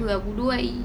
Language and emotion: Thai, sad